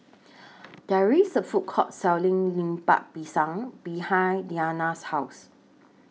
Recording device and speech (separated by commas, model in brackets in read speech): mobile phone (iPhone 6), read sentence